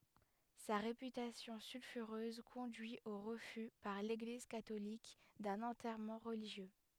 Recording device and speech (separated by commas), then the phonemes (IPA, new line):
headset microphone, read sentence
sa ʁepytasjɔ̃ sylfyʁøz kɔ̃dyi o ʁəfy paʁ leɡliz katolik dœ̃n ɑ̃tɛʁmɑ̃ ʁəliʒjø